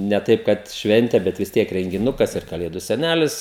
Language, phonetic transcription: Lithuanian, ne ˈtaip kad ˈšventė bet vis ˈtiek rengiˈnukas ir kaˈlėdu seˈnælis

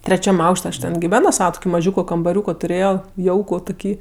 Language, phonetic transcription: Lithuanian, treˈčiam ˈaukš't' aš ten giˈveno ˈsava tuˈkį maˈžiūko kambaˈriūko tuˈrėjo ˈjauku tuˈkį

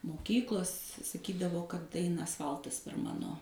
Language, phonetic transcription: Lithuanian, moˈkyklos saˈkydavo kad ˈaina asˈfaltas per ˈmano

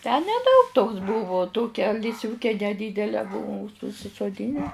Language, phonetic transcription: Lithuanian, tę neˈdaug toks ˈbuvu ˈtokia lisˈviūke neˈdydele ˈbuvum už užsisoˈdyne

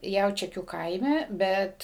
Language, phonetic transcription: Lithuanian, ˈjaučiakių ˈkaime ˈbet

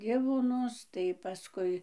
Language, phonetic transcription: Lithuanian, ˈdivonus tai paˈskui

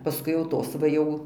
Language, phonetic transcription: Lithuanian, paˈskui jau ˈtos va ˈjau

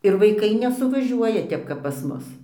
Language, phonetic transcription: Lithuanian, ir vaiˈkai nesuvaˈžiuoja ˈtep kap pas ˈmus

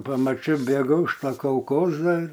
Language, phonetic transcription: Lithuanian, pamaˈčiau ˈbėgau iš ˈto kalˈkoza

